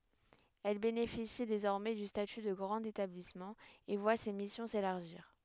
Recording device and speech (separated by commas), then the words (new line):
headset microphone, read sentence
Elle bénéficie désormais du statut de grand établissement et voit ses missions s'élargir.